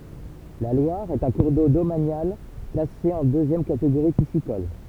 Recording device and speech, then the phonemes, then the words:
temple vibration pickup, read sentence
la lwaʁ ɛt œ̃ kuʁ do domanjal klase ɑ̃ døzjɛm kateɡoʁi pisikɔl
La Loire est un cours d’eau domanial classé en deuxième catégorie piscicole.

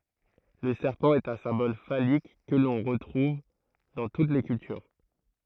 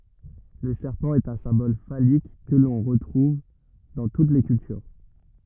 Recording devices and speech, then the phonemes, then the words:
throat microphone, rigid in-ear microphone, read sentence
lə sɛʁpɑ̃ ɛt œ̃ sɛ̃bɔl falik kə lɔ̃ ʁətʁuv dɑ̃ tut le kyltyʁ
Le serpent est un symbole phallique que l'on retrouve dans toutes les cultures.

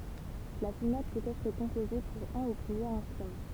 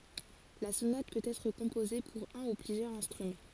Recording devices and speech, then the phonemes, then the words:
temple vibration pickup, forehead accelerometer, read sentence
la sonat pøt ɛtʁ kɔ̃poze puʁ œ̃ u plyzjœʁz ɛ̃stʁymɑ̃
La sonate peut être composée pour un ou plusieurs instruments.

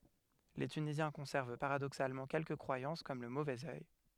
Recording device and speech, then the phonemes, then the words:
headset microphone, read sentence
le tynizjɛ̃ kɔ̃sɛʁv paʁadoksalmɑ̃ kɛlkə kʁwajɑ̃s kɔm lə movɛz œj
Les Tunisiens conservent paradoxalement quelques croyances comme le mauvais œil.

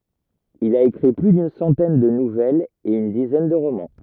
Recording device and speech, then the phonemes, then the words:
rigid in-ear microphone, read sentence
il a ekʁi ply dyn sɑ̃tɛn də nuvɛlz e yn dizɛn də ʁomɑ̃
Il a écrit plus d'une centaine de nouvelles et une dizaine de romans.

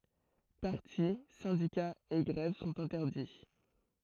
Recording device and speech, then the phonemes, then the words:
throat microphone, read sentence
paʁti sɛ̃dikaz e ɡʁɛv sɔ̃t ɛ̃tɛʁdi
Partis, syndicats et grèves sont interdits.

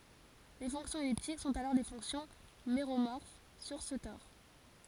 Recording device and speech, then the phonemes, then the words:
forehead accelerometer, read sentence
le fɔ̃ksjɔ̃z ɛliptik sɔ̃t alɔʁ le fɔ̃ksjɔ̃ meʁomɔʁf syʁ sə tɔʁ
Les fonctions elliptiques sont alors les fonctions méromorphes sur ce tore.

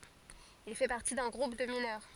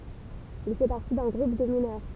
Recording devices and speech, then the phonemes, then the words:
forehead accelerometer, temple vibration pickup, read sentence
il fɛ paʁti dœ̃ ɡʁup də minœʁ
Il fait partie d’un groupe de mineurs.

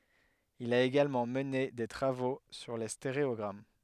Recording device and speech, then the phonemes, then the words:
headset microphone, read sentence
il a eɡalmɑ̃ məne de tʁavo syʁ le steʁeɔɡʁam
Il a également mené des travaux sur les stéréogrammes.

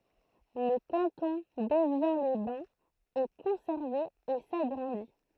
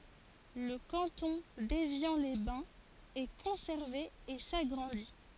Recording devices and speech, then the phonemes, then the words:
throat microphone, forehead accelerometer, read sentence
lə kɑ̃tɔ̃ devjɑ̃lɛzbɛ̃z ɛ kɔ̃sɛʁve e saɡʁɑ̃di
Le canton d'Évian-les-Bains est conservé et s'agrandit.

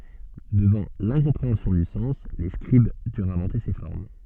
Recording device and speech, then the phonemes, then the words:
soft in-ear microphone, read sentence
dəvɑ̃ lɛ̃kɔ̃pʁeɑ̃sjɔ̃ dy sɑ̃s le skʁib dyʁt ɛ̃vɑ̃te se fɔʁm
Devant l’incompréhension du sens, les scribes durent inventer ces formes.

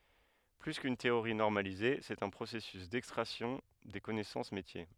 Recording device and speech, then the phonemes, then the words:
headset microphone, read sentence
ply kyn teoʁi nɔʁmalize sɛt œ̃ pʁosɛsys dɛkstʁaksjɔ̃ de kɔnɛsɑ̃s metje
Plus qu'une théorie normalisée, c'est un processus d'extraction des connaissances métiers.

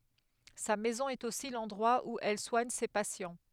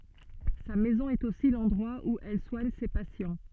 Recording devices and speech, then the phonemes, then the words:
headset microphone, soft in-ear microphone, read sentence
sa mɛzɔ̃ ɛt osi lɑ̃dʁwa u ɛl swaɲ se pasjɑ̃
Sa maison est aussi l'endroit où elle soigne ses patients.

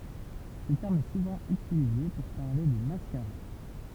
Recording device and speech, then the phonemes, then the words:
temple vibration pickup, read sentence
sə tɛʁm ɛ suvɑ̃ ytilize puʁ paʁle də maskaʁa
Ce terme est souvent utilisé pour parler de mascara.

